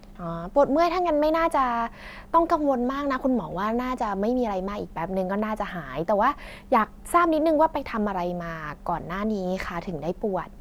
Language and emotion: Thai, happy